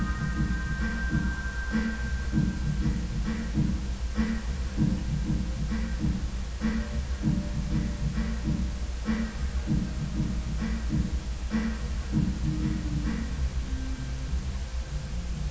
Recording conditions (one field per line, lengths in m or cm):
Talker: no one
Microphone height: 1.1 m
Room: very reverberant, large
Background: music